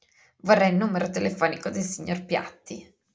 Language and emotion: Italian, disgusted